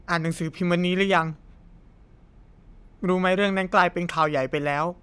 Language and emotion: Thai, sad